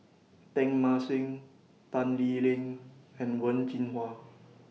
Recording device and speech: mobile phone (iPhone 6), read sentence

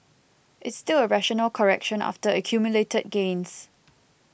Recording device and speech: boundary microphone (BM630), read sentence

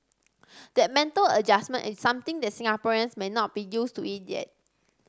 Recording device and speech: standing microphone (AKG C214), read sentence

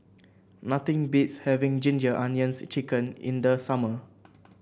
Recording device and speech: boundary microphone (BM630), read sentence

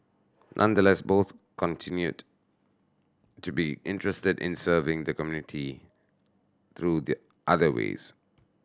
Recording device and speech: standing microphone (AKG C214), read sentence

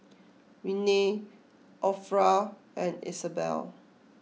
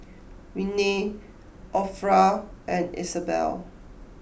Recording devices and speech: mobile phone (iPhone 6), boundary microphone (BM630), read sentence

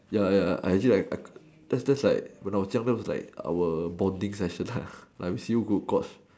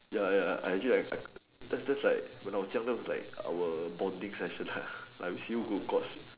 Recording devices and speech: standing microphone, telephone, conversation in separate rooms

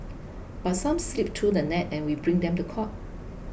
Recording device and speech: boundary microphone (BM630), read sentence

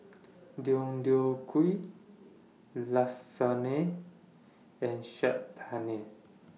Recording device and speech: mobile phone (iPhone 6), read sentence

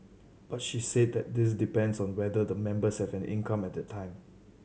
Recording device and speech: mobile phone (Samsung C7100), read sentence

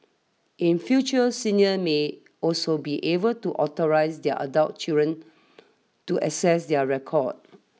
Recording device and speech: mobile phone (iPhone 6), read sentence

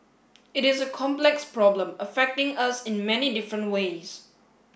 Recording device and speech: boundary microphone (BM630), read sentence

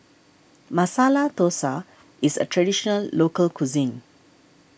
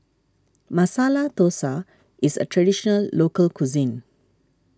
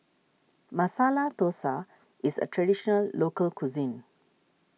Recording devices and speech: boundary microphone (BM630), standing microphone (AKG C214), mobile phone (iPhone 6), read sentence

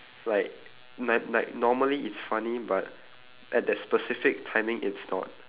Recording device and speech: telephone, conversation in separate rooms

